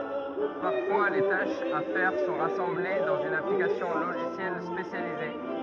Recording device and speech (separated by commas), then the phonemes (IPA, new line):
rigid in-ear microphone, read sentence
paʁfwa le taʃz a fɛʁ sɔ̃ ʁasɑ̃ble dɑ̃z yn aplikasjɔ̃ loʒisjɛl spesjalize